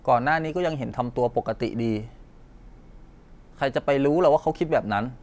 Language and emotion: Thai, frustrated